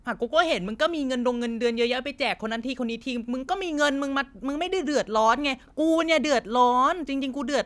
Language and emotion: Thai, frustrated